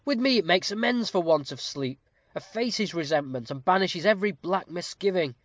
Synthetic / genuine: genuine